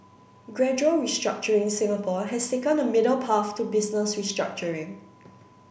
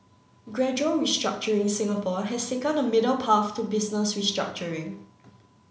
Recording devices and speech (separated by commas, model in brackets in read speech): boundary microphone (BM630), mobile phone (Samsung C9), read sentence